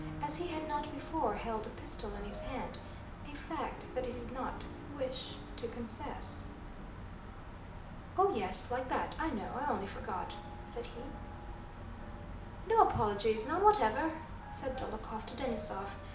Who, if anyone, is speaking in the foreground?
One person.